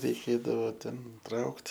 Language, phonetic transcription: Lithuanian, reiˈkėdavo ˈten ˈtraukt

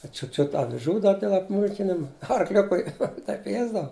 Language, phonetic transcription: Lithuanian, da ˈčiut ˈčiut aviˈžų ˈdar dėl apˈmūlkinim arˈkliukui ˈtaip i ˈjiesdava

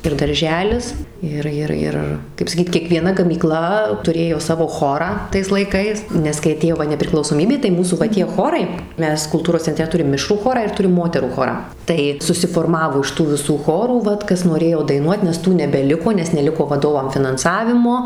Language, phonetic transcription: Lithuanian, ir darˈželis ˈir ˈir ˈir kaip saˈkyt kiekvieˈna gamyˈkla tuˈrėjo ˈsavo ˈchorą tais laiˈkais nes kai aˈtėjo ˈva nepriklausoˈmybė tai ˈmūsų va ˈtie ˈchorai ˈmes kulˈtūros cenˈtre tuˈrim ˈmišrų ˈchorą ir ˈturim ˈmoterų ˈchorą ˈtai susiforˈmavo iš ˈtų viˈsų ˈchorų ˈvat ˈkas noˈrėjo daiˈnuot nes ˈtų nebeˈliko nes neˈliko vaˈdovam finanˈsavimo

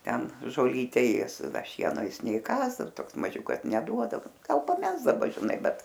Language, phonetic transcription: Lithuanian, ˈten žoˈlyte ˈės ˈda ˈšieno ˈjis neiˈkąs ˈdar ˈtoks maˈžiukas neˈduodavo ˈgal paˈmesdaˈba žiˈnai ˈbet

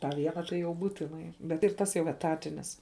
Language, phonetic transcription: Lithuanian, tą ˈvieną tai jau ˈbūtinai ˈbet ir ˈtas jau eˈtatinis

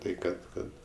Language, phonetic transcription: Lithuanian, ˈtai ˈkad ˈkad

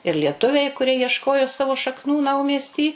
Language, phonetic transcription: Lithuanian, ir lieˈtuviai kuˈrie jiešˈkojo ˈsavo šakˈnų ˈnaumiesty

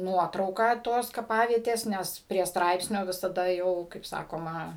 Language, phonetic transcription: Lithuanian, ˈnuotrauką ˈtos kaˈpavietės ˈnes prie ˈstraipsnio visaˈda ˈjau kaip ˈsakoma

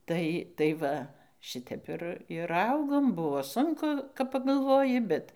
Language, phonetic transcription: Lithuanian, ˈtai tai ˈva ˈšɨtep ir ir ˈaugom ˈbuvo ˈsunku kap pagalˈvoji ˈbet

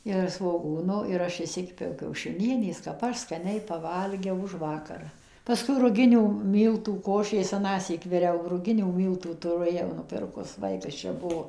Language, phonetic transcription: Lithuanian, ir svoˈgūno ir ˈaš išˈsikepiau kiaušiˈnienės kap ˈaš skaˈniai paˈvalgiau ˈužvakar paˈskui ruˈginių ˈmyltų ˈkošės aˈnąsyk viˈriau ruˈginių ˈmyltų tuˈru jau nuˈpirkus ˈvaikas ˈčia ˈbuo

